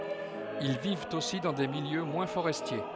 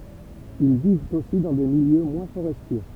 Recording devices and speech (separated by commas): headset microphone, temple vibration pickup, read sentence